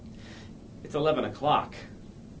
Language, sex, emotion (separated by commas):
English, male, neutral